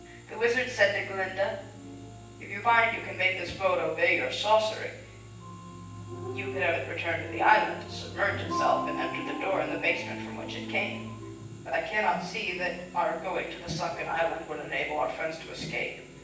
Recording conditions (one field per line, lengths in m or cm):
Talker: one person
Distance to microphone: 9.8 m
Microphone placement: far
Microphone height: 1.8 m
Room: large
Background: television